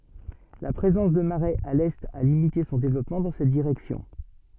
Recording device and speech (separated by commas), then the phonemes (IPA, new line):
soft in-ear microphone, read sentence
la pʁezɑ̃s də maʁɛz a lɛt a limite sɔ̃ devlɔpmɑ̃ dɑ̃ sɛt diʁɛksjɔ̃